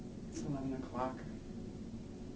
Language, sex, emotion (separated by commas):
English, male, neutral